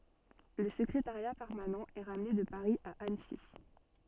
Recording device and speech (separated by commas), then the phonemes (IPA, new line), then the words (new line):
soft in-ear microphone, read sentence
lə səkʁetaʁja pɛʁmanɑ̃ ɛ ʁamne də paʁi a ansi
Le secrétariat permanent est ramené de Paris à Annecy.